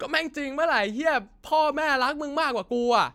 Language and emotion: Thai, sad